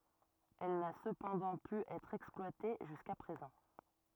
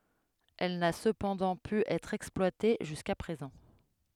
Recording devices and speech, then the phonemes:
rigid in-ear microphone, headset microphone, read sentence
ɛl na səpɑ̃dɑ̃ py ɛtʁ ɛksplwate ʒyska pʁezɑ̃

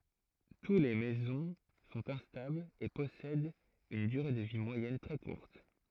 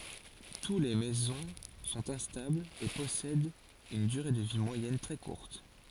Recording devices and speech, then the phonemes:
throat microphone, forehead accelerometer, read sentence
tu le mezɔ̃ sɔ̃t ɛ̃stablz e pɔsɛdt yn dyʁe də vi mwajɛn tʁɛ kuʁt

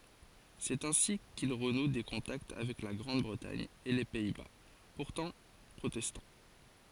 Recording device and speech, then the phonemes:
forehead accelerometer, read sentence
sɛt ɛ̃si kil ʁənu de kɔ̃takt avɛk la ɡʁɑ̃d bʁətaɲ e le pɛi ba puʁtɑ̃ pʁotɛstɑ̃

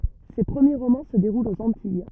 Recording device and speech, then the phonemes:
rigid in-ear microphone, read sentence
se pʁəmje ʁomɑ̃ sə deʁult oz ɑ̃tij

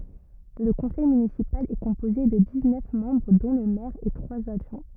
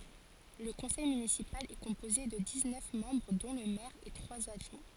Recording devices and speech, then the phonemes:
rigid in-ear microphone, forehead accelerometer, read sentence
lə kɔ̃sɛj mynisipal ɛ kɔ̃poze də diz nœf mɑ̃bʁ dɔ̃ lə mɛʁ e tʁwaz adʒwɛ̃

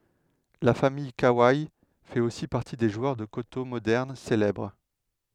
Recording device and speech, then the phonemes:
headset microphone, read sentence
la famij kawe fɛt osi paʁti de ʒwœʁ də koto modɛʁn selɛbʁ

